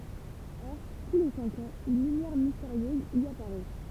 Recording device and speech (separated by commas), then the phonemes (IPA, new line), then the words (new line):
temple vibration pickup, read sentence
ɔʁ tu le sɛ̃k ɑ̃z yn lymjɛʁ misteʁjøz i apaʁɛ
Or, tous les cinq ans une lumière mystérieuse y apparaît...